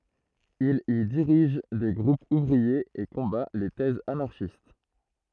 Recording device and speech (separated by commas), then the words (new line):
throat microphone, read sentence
Il y dirige des groupes ouvriers et combat les thèses anarchistes.